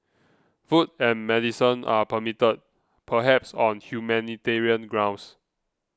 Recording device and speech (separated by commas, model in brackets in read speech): close-talking microphone (WH20), read sentence